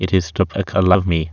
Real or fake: fake